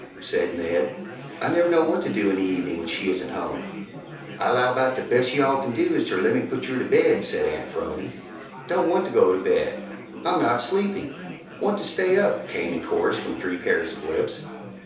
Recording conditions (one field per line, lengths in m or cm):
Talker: one person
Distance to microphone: 3.0 m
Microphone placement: far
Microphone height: 1.8 m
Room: small (3.7 m by 2.7 m)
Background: babble